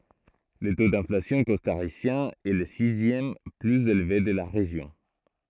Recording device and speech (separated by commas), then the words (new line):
throat microphone, read sentence
Le taux d'inflation costaricien est le sixième plus élevé de la région.